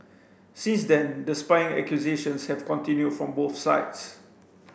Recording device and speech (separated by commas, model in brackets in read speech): boundary microphone (BM630), read sentence